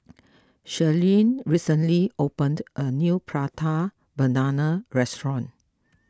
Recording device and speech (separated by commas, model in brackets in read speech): close-talking microphone (WH20), read sentence